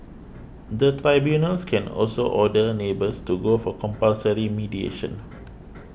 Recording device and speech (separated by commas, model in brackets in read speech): boundary microphone (BM630), read sentence